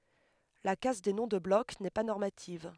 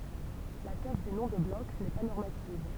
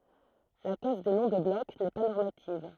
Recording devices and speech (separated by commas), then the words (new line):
headset microphone, temple vibration pickup, throat microphone, read sentence
La casse des noms de bloc n'est pas normative.